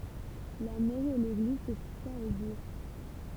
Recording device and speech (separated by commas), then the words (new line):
temple vibration pickup, read sentence
La mairie et l’église se situant au Bourg.